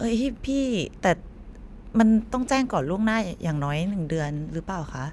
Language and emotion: Thai, frustrated